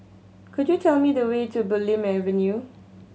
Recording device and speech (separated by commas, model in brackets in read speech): mobile phone (Samsung C7100), read sentence